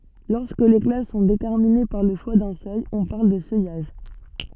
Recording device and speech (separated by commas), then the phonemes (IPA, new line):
soft in-ear microphone, read sentence
lɔʁskə le klas sɔ̃ detɛʁmine paʁ lə ʃwa dœ̃ sœj ɔ̃ paʁl də sœjaʒ